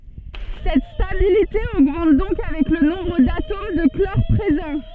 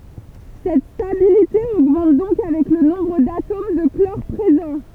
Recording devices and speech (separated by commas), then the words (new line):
soft in-ear microphone, temple vibration pickup, read sentence
Cette stabilité augmente donc avec le nombre d'atomes de chlore présents.